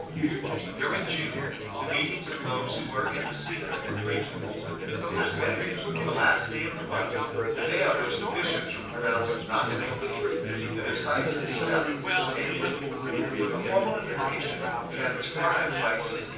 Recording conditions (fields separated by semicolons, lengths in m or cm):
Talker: one person; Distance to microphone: 9.8 m; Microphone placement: far; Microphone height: 1.8 m; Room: large; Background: babble